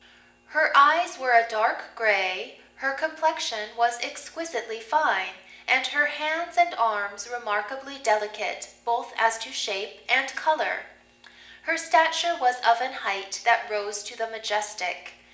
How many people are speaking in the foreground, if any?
One person.